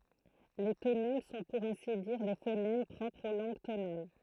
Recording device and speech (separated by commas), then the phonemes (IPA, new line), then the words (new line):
throat microphone, read sentence
le tonɛm sɔ̃ puʁ ɛ̃si diʁ de fonɛm pʁɔpʁz o lɑ̃ɡ tonal
Les tonèmes sont pour ainsi dire des phonèmes propres aux langues tonales.